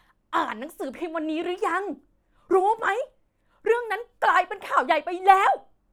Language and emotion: Thai, angry